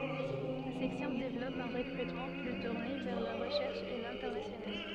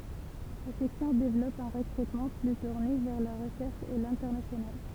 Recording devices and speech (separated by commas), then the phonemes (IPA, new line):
soft in-ear microphone, temple vibration pickup, read sentence
la sɛksjɔ̃ devlɔp œ̃ ʁəkʁytmɑ̃ ply tuʁne vɛʁ la ʁəʃɛʁʃ e lɛ̃tɛʁnasjonal